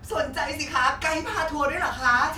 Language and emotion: Thai, happy